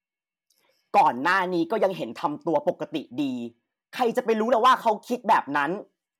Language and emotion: Thai, angry